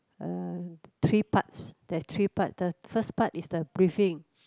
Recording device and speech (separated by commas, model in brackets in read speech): close-talking microphone, conversation in the same room